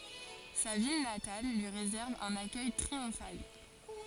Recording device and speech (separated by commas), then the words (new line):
forehead accelerometer, read sentence
Sa ville natale lui réserve un accueil triomphal.